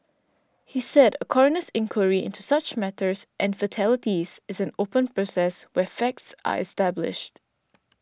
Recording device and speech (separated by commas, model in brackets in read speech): standing microphone (AKG C214), read sentence